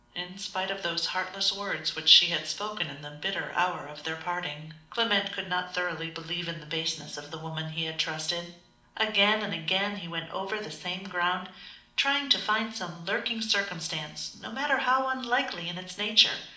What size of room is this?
A medium-sized room (about 5.7 m by 4.0 m).